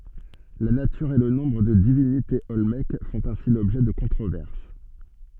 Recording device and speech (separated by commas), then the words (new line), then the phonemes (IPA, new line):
soft in-ear microphone, read sentence
La nature et le nombre de divinités olmèques font ainsi l’objet de controverses.
la natyʁ e lə nɔ̃bʁ də divinitez ɔlmɛk fɔ̃t ɛ̃si lɔbʒɛ də kɔ̃tʁovɛʁs